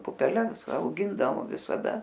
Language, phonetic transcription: Lithuanian, pupeˈles auˈgindavo visaˈda

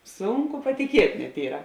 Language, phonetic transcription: Lithuanian, ˈsunˌku patiˈkiet' net ˈyra

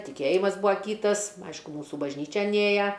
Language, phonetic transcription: Lithuanian, tiˈkėjimas ˈbua ˈkytas ˈaišku ˈmūsų bažˈnyčian ˈėja

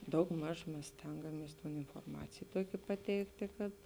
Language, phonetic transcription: Lithuanian, daugˈmaž ˈmes ˈstengamies inforˈmacėj ˈtuokė paˈteiktė kad

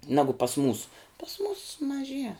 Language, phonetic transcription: Lithuanian, ˈnagu pas mūs pas mūs maˈžie

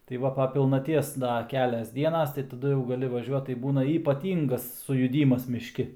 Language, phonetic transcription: Lithuanian, tai ˈva pa pilnaˈties ˈda ˈkelias ˈdienas tai taˈdu jau gaˈli vaˈžiuot tai ˈbūna ypaˈtyngas sujuˈdymas mišˈki

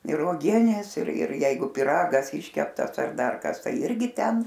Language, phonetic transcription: Lithuanian, ir uoˈgienės ir ir ˈjeigu piˈragas ˈiškeptas ar ˈdar ˈkas ˈtai ˈirgi ˈten

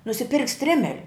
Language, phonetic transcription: Lithuanian, nusiˈpirkt' ˈstrimeliu

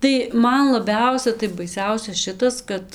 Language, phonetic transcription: Lithuanian, tai ˈman laˈbiausia tai baiˈsiausia ˈšitas ˈkad

